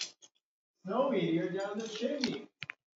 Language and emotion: English, happy